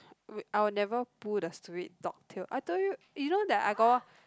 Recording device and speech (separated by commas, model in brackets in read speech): close-talking microphone, conversation in the same room